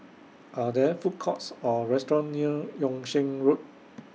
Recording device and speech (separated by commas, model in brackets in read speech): mobile phone (iPhone 6), read sentence